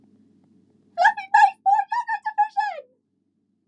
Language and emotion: English, surprised